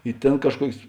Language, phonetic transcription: Lithuanian, i ˈtėn kažˈkuokės

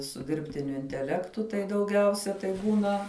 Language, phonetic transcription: Lithuanian, su ˈdirbtiniu inteˈlektu tai dauˈgiausia tai ˈbūna

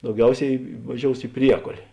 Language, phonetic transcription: Lithuanian, dauˈgiausiai vaˈžious i ˈpriekolė

